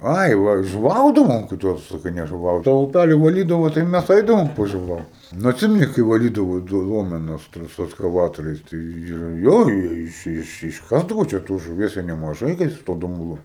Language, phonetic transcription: Lithuanian, ˈai ˈva žuˈvaudavom kai ˈtos saˈkai nežuˈvaut ta uˈpælį vaˈlydavo tai ˈmæs ˈaidavom pažuˈvaut nu atˈsimeni kai vaˈlydavo toj ˈlomenos ˈten jau su eskaˈvatoriais ˈtai ir ˈjo ˈiš ˈiš išˈkasdavo čia ˈtos žuˈvies jie nemaˈžai kai su ˈtuo dumˈblu

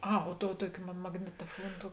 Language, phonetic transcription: Lithuanian, ˈa o ˈtou ˈtuoki ma magnitoˈfuon ˈtou

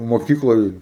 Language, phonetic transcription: Lithuanian, moˈkykloj

